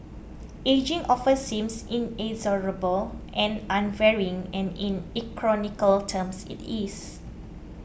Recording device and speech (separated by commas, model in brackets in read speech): boundary microphone (BM630), read sentence